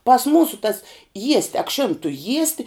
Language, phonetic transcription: Lithuanian, pas ˈmūsu tas ˈjiesti akˈšin tu ˈjiesti

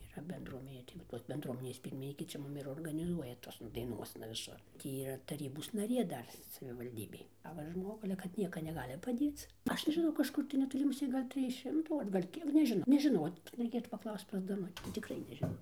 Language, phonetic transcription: Lithuanian, yˈra bendruoˈmenė tai va ˈtos bendˈruominės ˈpyrminykė ˈčia ˈmum ir organiˈzuoja ˈtosna daiˈnuosna viˈsur ˈtį yˈra taˈrybos naˈrė ˈdar savivalˈdybėj a ˈva ˈžmogu ale kad ˈnieka neˈgali paˈdėc ˈaš nežiˈnau kažˈkur tai netoˈli muˈsė ˈgal' ˈtrij ˈšimtų ar gal' ˈkiek nežiˈnau nežiˈno reiˈkėtų paˈklaust pas daˈnuti tikˈrai nežiˈnau

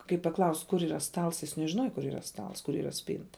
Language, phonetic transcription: Lithuanian, kaip paˈklaust' kur yˈra ˈstals jis nežiˈnuoja kur yˈra ˈstals kur yˈra ˈspynta

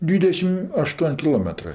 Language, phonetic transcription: Lithuanian, ˈdvydešim aˈštuon' kiˈlometrɜ

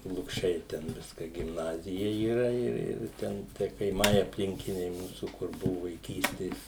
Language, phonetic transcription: Lithuanian, lukˈšiai ten ˈviska gimˈnazija yˈra ˈir ˈir ˈten tie kaiˈmai apˈlinkiniai ˈmūsų kur ˈbuvu vaiˈkystės

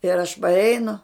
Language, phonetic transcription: Lithuanian, ir aš parˈeinu

